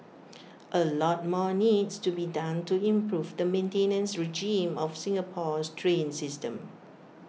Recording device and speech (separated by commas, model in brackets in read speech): mobile phone (iPhone 6), read sentence